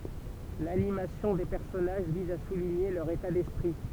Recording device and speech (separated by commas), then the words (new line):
temple vibration pickup, read sentence
L’animation des personnages vise à souligner leur état d’esprit.